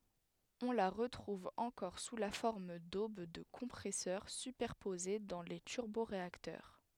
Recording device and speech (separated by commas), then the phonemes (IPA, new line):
headset microphone, read sentence
ɔ̃ la ʁətʁuv ɑ̃kɔʁ su la fɔʁm dob də kɔ̃pʁɛsœʁ sypɛʁpoze dɑ̃ le tyʁboʁeaktœʁ